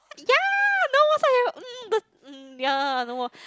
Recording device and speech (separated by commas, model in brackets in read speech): close-talking microphone, conversation in the same room